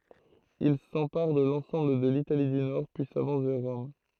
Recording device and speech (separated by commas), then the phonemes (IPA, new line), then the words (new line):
throat microphone, read sentence
il sɑ̃paʁ də lɑ̃sɑ̃bl də litali dy nɔʁ pyi savɑ̃s vɛʁ ʁɔm
Il s’empare de l’ensemble de l’Italie du Nord, puis s’avance vers Rome.